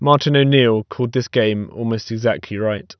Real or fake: real